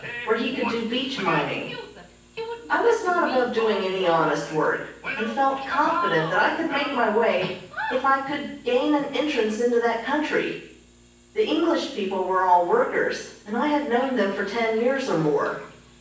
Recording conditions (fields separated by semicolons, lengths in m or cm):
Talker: one person; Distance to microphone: 9.8 m; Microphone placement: far; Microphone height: 1.8 m; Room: large; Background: television